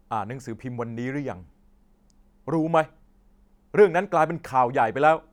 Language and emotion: Thai, angry